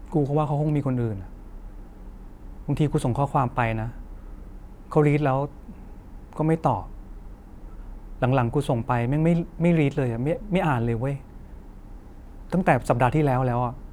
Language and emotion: Thai, sad